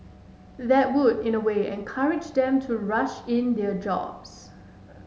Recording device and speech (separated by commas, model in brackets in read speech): mobile phone (Samsung S8), read sentence